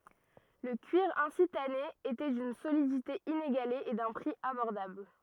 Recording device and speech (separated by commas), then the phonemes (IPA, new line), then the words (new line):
rigid in-ear microphone, read sentence
lə kyiʁ ɛ̃si tane etɛ dyn solidite ineɡale e dœ̃ pʁi abɔʁdabl
Le cuir ainsi tanné était d'une solidité inégalée et d'un prix abordable.